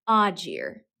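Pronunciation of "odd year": In 'odd year', the d sound at the end of 'odd' and the y sound at the start of 'year' coalesce: they are not said as two separate sounds.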